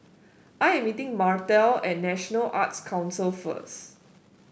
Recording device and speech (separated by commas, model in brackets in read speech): boundary microphone (BM630), read sentence